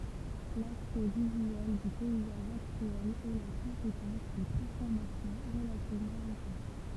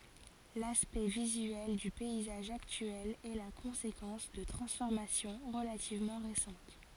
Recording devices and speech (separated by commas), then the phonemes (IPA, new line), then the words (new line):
temple vibration pickup, forehead accelerometer, read sentence
laspɛkt vizyɛl dy pɛizaʒ aktyɛl ɛ la kɔ̃sekɑ̃s də tʁɑ̃sfɔʁmasjɔ̃ ʁəlativmɑ̃ ʁesɑ̃t
L'aspect visuel du paysage actuel est la conséquence de transformations relativement récentes.